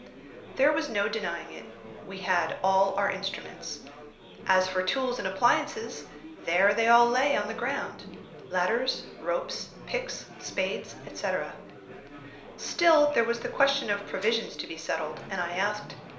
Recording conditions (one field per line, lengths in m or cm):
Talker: one person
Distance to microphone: 1.0 m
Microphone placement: close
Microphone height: 1.1 m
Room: small (3.7 m by 2.7 m)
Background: babble